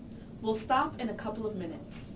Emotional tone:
angry